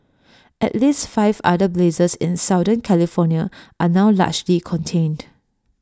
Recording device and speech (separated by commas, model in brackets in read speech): standing microphone (AKG C214), read sentence